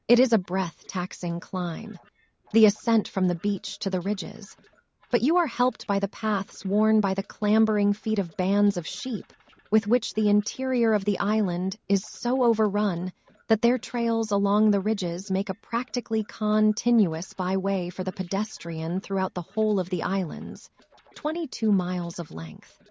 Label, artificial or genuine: artificial